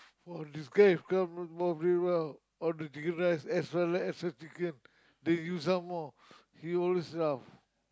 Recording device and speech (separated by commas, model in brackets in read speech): close-talking microphone, conversation in the same room